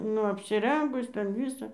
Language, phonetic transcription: Lithuanian, ˈnu apsiˈrengus ˈten ˈvysa

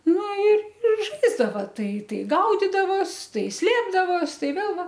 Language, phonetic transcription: Lithuanian, ˈnu i ir ˈžaisdava ˈtai ˈtai ˈgaudidavos ˈtai ˈslėpdavos ˈtai ˈvėl ˈva

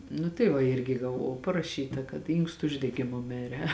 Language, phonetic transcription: Lithuanian, nu tai ˈva ˈirgi gaˈvau paraˈšyta kad ˈynkstu uždegiˈmu ˈmire

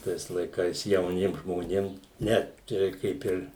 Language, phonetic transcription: Lithuanian, ˈtais laiˈkais jauˈniem žmoˈnėm ˈne ˈčia reik ˈkaip ir

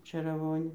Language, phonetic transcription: Lithuanian, čėraˈvonė

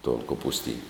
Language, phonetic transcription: Lithuanian, ton kopusˈtyn'

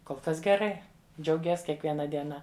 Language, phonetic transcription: Lithuanian, kol ˈkas geˈrai džiauˈgies kiekvieˈna dieˈna

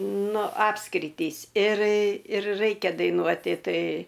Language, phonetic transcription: Lithuanian, ˈnu ˈapskritys ir ir ˈraikia daiˈnuoti ˈtai

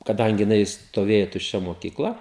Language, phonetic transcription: Lithuanian, kaˈdangi jiˈnai stoˈvėja tušˈčia mokikˈla

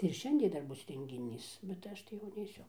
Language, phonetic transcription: Lithuanian, tai ir ˈšiandie ˈdar ˈbus rengiˈnys bet ˈaš tai jau neiˈsiu

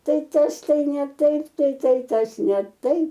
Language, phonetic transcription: Lithuanian, ˈtai ˈtas ˈtai ne ˈtaip tai ˈtai ˈtas ne ˈtaip

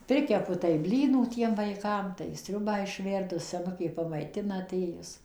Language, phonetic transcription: Lithuanian, ˈprikepu tai ˈblynų ˈtiem vaiˈkam tai ˈsriubą išˈverdu seˈnukė pamaiˈtina aˈtėjus

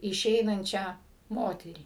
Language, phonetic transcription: Lithuanian, iˈšeinančią ˈmoterį

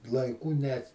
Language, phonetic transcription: Lithuanian, laiˈkų net

